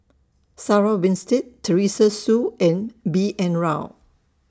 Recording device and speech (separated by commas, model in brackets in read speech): standing microphone (AKG C214), read sentence